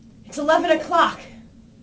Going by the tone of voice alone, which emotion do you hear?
angry